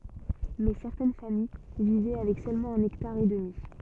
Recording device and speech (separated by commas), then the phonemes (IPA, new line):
soft in-ear microphone, read sentence
mɛ sɛʁtɛn famij vivɛ avɛk sølmɑ̃ œ̃n ɛktaʁ e dəmi